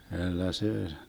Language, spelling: Finnish, kyllä se
- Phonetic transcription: kyllä 'see ,.

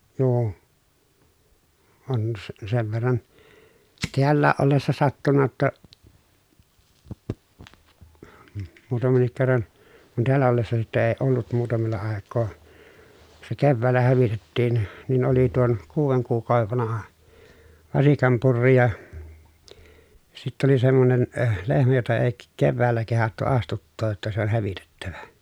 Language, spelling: Finnish, - on - sen verran täällä ollessa sattunut jotta muutamankin kerran kun täällä ollessa sitten - ollut muutamalla aikaa se keväällä hävitettiin niin oli tuon kuuden kuukauden vanha vasikan purri ja sitten oli semmoinen - lehmä jota ei - keväällä kehdattu astuttaa jotta se on hävitettävä
- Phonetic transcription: nuu , on s- sev verran , teällääʼ ʼollessa sattunna ʲotta , muutamennik kerran , kun teällä ollessa sitte ee ollut muutamella àekkoo , se kevväällä hävitettiin , nin oli tuon , kuuveŋ kuuk̀àovev vanaha , vasikam purri ja , sitt ‿oli semmonen , (öh) lehmä jota ee k- kevväällä kehattu astuttooj jotta se ‿on hävitettävä .

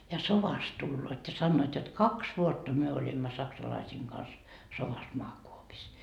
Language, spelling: Finnish, ja sodasta tulevat ja sanovat jotta kaksi vuotta me olimme saksalaisten kanssa sodassa maakuopissa
- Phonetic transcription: ja "sovast 'tulloot ja 'sannoot jot "kaks 'vuotta myö oĺimma 'saksalaisiiŋ Gans , sovas 'moakuopis .

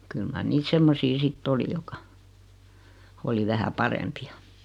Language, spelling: Finnish, kyllä mar niitä semmoisia sitten oli jotka oli vähän parempia
- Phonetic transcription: 'kyl mar 'niit 'semmosi sit"t ‿oli jok̀a , oli 'vähä "parempi₍a .

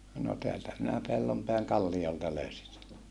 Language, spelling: Finnish, no täältä minä Pellonpään kalliolta löysin sen
- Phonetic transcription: no teältä minä Pellompeäŋ kallijolta löysin se .

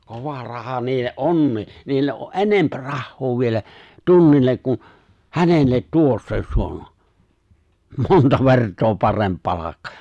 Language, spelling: Finnish, kova raha niille onkin niille on - enempi rahaa vielä tunnille kuin hänelle tuossa jossa on monta vertaa parempi palkka
- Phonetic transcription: 'kova 'raha 'niille’ "’onnii , 'niille’ ’o ’ "’enemp 'rahhoo 'vielä , "tunnillek kun̬ , "hänellet 'tuossa (jossa) on , 'monta 'vert̀oo 'paremp 'palakka .

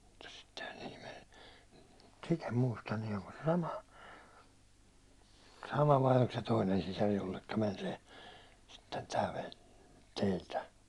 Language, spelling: Finnish, mutta sittenhän siihen meni mutta sitä en muista niin onko se sama sama vai oliko se toinen sisar jolle meni se sitten tämä veli teiltä
- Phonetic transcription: (mut sittehän sihim men) mut sit ‿em 'muista nin ‿oŋko se "sama , 'sama vai olk se 'toinen sisar jollekka 'män se , sitten 'tä veĺ , 'teiltä .

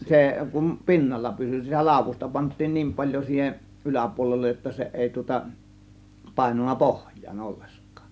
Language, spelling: Finnish, se kun pinnalla pysyi sitä laudusta pantiin niin paljon siihen yläpuolelle jotta se ei tuota painunut pohjaan ollenkaan
- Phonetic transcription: 'sè , kum "pi̬nnalla pysy , sitä 'làȯvusta pant̆tiin "niim 'paĺjo siiheˀ , "yläpuolellej jotta se 'èi tŭŏta , pàėnunna "pohj̀aan 'ollesk̀AA .

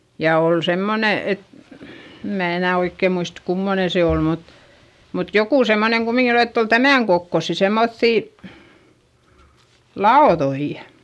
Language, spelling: Finnish, ja oli semmoinen että en minä enää oikein muista kummoinen se oli mutta mutta joku semmoinen kumminkin että oli tämän kokoisia semmoisia lautoja
- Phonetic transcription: ja òl semmone et , em mää enä̀ oikkè muist kummone se òl mut , mut jokù semmoneŋ kumiŋkin ‿ett ‿ol tämä̀ŋ kokkossi semmoϑϑì , laoδoi .

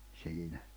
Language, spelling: Finnish, siinä
- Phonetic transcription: 'siinä .

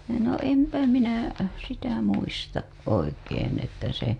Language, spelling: Finnish, no en minä sitä muista oikein että se
- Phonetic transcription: no 'empä 'minä , sitä muistaˀ ˀoikeen ‿että se .

